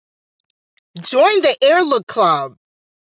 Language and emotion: English, surprised